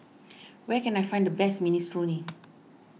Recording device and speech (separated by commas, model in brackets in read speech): mobile phone (iPhone 6), read sentence